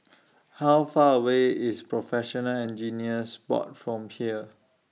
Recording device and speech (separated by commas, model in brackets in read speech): mobile phone (iPhone 6), read sentence